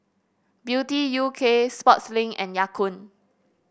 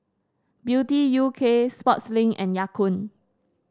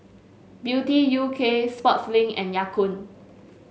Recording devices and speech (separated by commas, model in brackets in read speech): boundary microphone (BM630), standing microphone (AKG C214), mobile phone (Samsung S8), read sentence